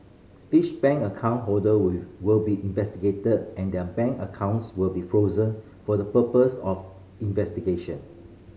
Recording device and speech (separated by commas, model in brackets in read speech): mobile phone (Samsung C5010), read sentence